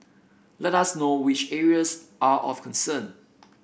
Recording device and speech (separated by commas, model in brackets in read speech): boundary microphone (BM630), read sentence